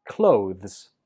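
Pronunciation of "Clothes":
'Clothes' ends in a weak z sound.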